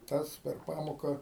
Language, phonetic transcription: Lithuanian, ˈtas per ˈpamoka

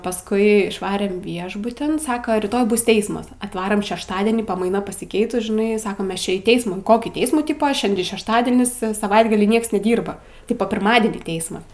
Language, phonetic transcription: Lithuanian, pasˈkui išˈvarem ˈviešbutin ˈsaka ryˈtoj ˈbus ˈteismas atˈvarom šešˈtadienį pamaiˈna pasiˈkeitus žiˈnai ˈsakam ˈmes či į ˈteismų į ˈkokį ˈteismų ˈtypa ˈšiandi šešˈtadienis saˈvaitgalį ˈnieks neˈdyrba ˈtipa pirˈmadienį ˈteisma

